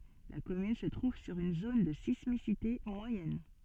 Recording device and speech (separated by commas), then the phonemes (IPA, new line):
soft in-ear microphone, read sentence
la kɔmyn sə tʁuv syʁ yn zon də sismisite mwajɛn